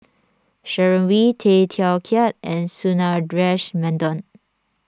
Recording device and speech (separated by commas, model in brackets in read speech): standing microphone (AKG C214), read sentence